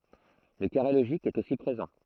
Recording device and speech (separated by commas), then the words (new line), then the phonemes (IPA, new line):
throat microphone, read sentence
Le carré logique est aussi présent.
lə kaʁe loʒik ɛt osi pʁezɑ̃